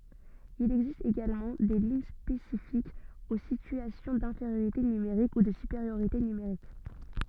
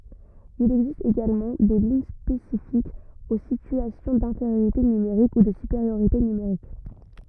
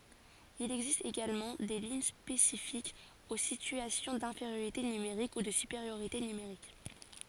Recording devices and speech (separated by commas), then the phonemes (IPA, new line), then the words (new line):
soft in-ear microphone, rigid in-ear microphone, forehead accelerometer, read sentence
il ɛɡzist eɡalmɑ̃ de liɲ spesifikz o sityasjɔ̃ dɛ̃feʁjoʁite nymeʁik u də sypeʁjoʁite nymeʁik
Il existe également des lignes spécifiques aux situations d’infériorité numérique ou de supériorité numérique.